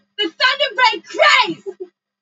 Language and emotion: English, angry